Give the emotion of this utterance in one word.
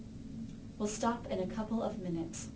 angry